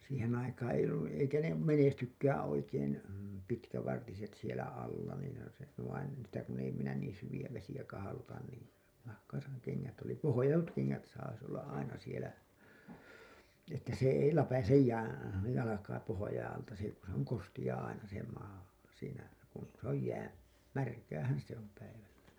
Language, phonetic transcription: Finnish, siiheḛ aikaa̰ eiʲ ‿ollun nii eikä ne "menestykkäää̰ oikeen , 'pitkävartiset sielä alla niin vain en , sitä kun ei minä niin syviʲä vesijä kahalotan niin , nahkaa sa- , ne keŋŋät oli "pohojatut 'keŋŋät sais olla’ ’aina sielä , että se ei "läpäsej 'jää , 'jalakaa 'pohojaiḭ alta si- , ku se ‿oŋ 'kostiʲaa aina se maa , siinä , kun , se ‿oj 'jää , "märkäähän 'se ‿om 'päivällä .
- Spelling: siihen aikaan ei ollut niin eikä ne menestykään oikein pitkävartiset siellä alla niin vaan en sitä kun ei minä niin syviä vesiä kahloita niin nahkaa - ne kengät oli pohjatut kengät saisi olla aina siellä että se ei läpäise jää jalkaa pohjien alta - kun se on kosteaa aina se maa siinä kun se on jää märkäähän se on päivällä

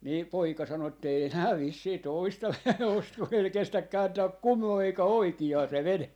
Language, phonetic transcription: Finnish, nii 'poika 'sano ettei » enää 'vissii "tòista 'osta , kun ‿ei se 'kestäk 'kääntääk "kumoo eikä "oiki₍aa se "vene » .
- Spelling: niin poika sanoi että ei enää vissiin toista osta kun ei se kestä kääntää kumoon eikä oikeaan se vene

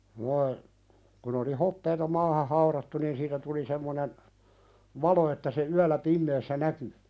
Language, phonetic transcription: Finnish, (noi) , kun ‿oli 'hoppeeta "maaha 'hauðattu niin 'siitä tuli semmonen , "valo että se 'yäl̆lä "pimmeessä näky .
- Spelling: nuo kun oli hopeaa maahan haudattu niin siitä tuli semmoinen valo että se yöllä pimeässä näkyy

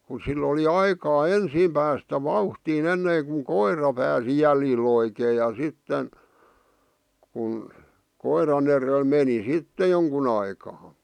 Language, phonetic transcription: Finnish, ku sill ‿oli 'aikaa "ensiim päästä "vauhtiin ‿enneeŋkuŋ 'koira pääsi jälji'l ‿oikee ja 'sitten , kun , 'koiran ‿erel meni "sitte 'joŋkun ‿aikaa .
- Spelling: kun sillä oli aikaa ensin päästä vauhtiin ennen kun koira pääsi jäljille oikein ja sitten kun koiran edellä meni sitten jonkun aikaa

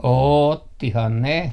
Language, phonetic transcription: Finnish, "oottihan 'ne .
- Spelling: ottihan ne

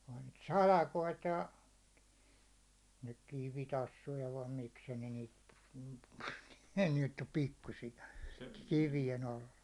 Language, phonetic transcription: Finnish, ohᴀɴ niit "salakoit ja , nyk 'kivitassuja vaim 'mikskä ne niit , ne nyt ‿om 'pikkusija , 'kivijen ‿alla .
- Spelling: onhan niitä salakoita ja nyt kivitassuja vai miksikä ne niitä ne nyt on pikkuisia kivien alla

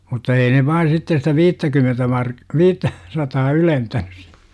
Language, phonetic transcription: Finnish, mutta "ei ne 'vai sitte sitä "viittäkymentä mar- , "viittä , 'sataa "ylen-tänys sI - .
- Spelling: mutta ei ne vain sitten sitä viittäkymmentä - viittä sataa ylentänyt -

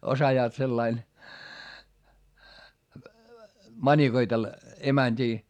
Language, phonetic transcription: Finnish, osajaat sellain , mańikoitella , emäńD'ii .
- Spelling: osaavat sillä lailla manikoitella emäntiä

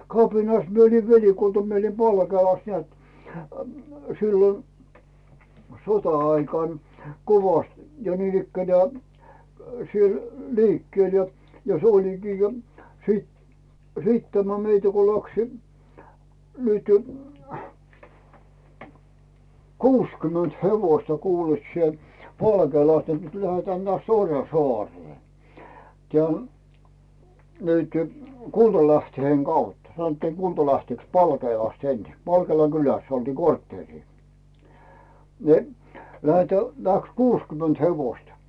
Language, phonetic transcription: Finnish, kapinas mie oli velikulta mie oli 'Palkeelas nᵉät , sillon , "sota₍aikàn , 'kovast , ja niin ‿ikkänää , siel 'liikkⁱèl ja , 's ‿olikii jo siit , 'siit tämä meitä ko läksi , nyty , "kuuskymönt 'hevoⁱsta kuulet sie , 'Palkeelastᴀ nᵉt tuĺ tähä nᵉä̀ts "Orjan̬soàree , tⁱä̀ , nytʏ , "Kultalähtheŋ 'Gaut , sanottiiŋ 'Gultalähtèks "Palkeelast ensi , "Palkeela 'kyläss ‿oltii 'kortteerii , ni̬ , 'lähetä , 'läks "kuuskyment 'hevoista .
- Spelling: kapinassa minä olin velikulta minä olin Palkeelassa näet silloin sota-aikana kovasti ja niin ikään siellä liikkeellä ja se olikin jo sitten sitten tämä meitä kun lähti nyt kuusikymmentä hevosta kuule sinä Palkeelasta niin että tuli tähän näet Orjansaareen tähän nyt Kultalähteen kautta sanottiin Kultalähteeeksi Palkeelasta ensin Palkeelan kylässä oltiin kortteeria niin lähdetään lähti kuusikymmentä hevosta

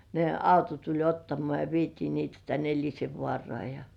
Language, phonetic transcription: Finnish, ne "auto tuĺ 'ottamoà ja "vietii niitä tän ‿'Eĺisevvŏàrŏà ja .
- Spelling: ne auto tuli ottamaan ja vietiin niitä tänne Elisenvaaraan ja

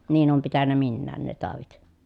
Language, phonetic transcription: Finnish, niin oom pitännä minnään ne tàovit .
- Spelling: niin olen pitänyt minäkin ne taudit

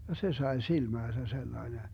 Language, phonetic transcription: Finnish, ja "se 'sae 'silmääsä 'sellaene .
- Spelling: ja se sai silmäänsä sellainen

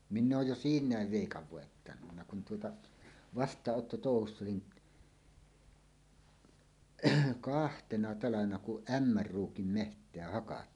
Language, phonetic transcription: Finnish, minn ‿ooj jo "siiǹääv 'vèikav 'vòettanunna kun tuota , "vast̀aaˀˀotto'tòuhuss ‿olin , "kahtena 'talavena kuˀ "ˀᴀ̈mmär "ruukim 'meht̀eä hakattiin .
- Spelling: minä olen jo siinä veikan voittanut kun tuota vastaanottotouhussa olin kahtena talvena kun Ämmän ruukin metsää hakattiin

